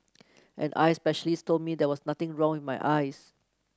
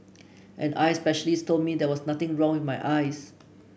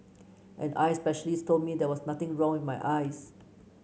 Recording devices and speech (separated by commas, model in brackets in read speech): close-talking microphone (WH30), boundary microphone (BM630), mobile phone (Samsung C9), read sentence